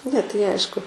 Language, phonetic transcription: Lithuanian, ne tai ˈaišku

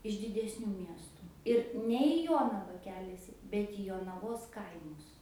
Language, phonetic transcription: Lithuanian, iš didesˈnių ˈmiestu ir ˈne į ˈjonava ˈkeliasi ˈbet į jonaˈvos ˈkaimus

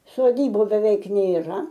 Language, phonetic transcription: Lithuanian, soˈdybu beˈveik nėˈra

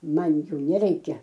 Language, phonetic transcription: Lithuanian, ˈman ˈjų neˈreikia

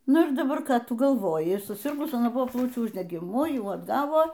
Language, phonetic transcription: Lithuanian, ˈnu ir daˈbar ˈką ˈtu galˈvoji suˈsirgus aˈna ˈbuvo ˈplaučių uždegiˈmu ˈjų atˈgavo

